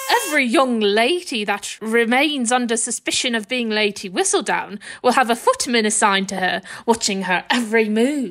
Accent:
affecting British accent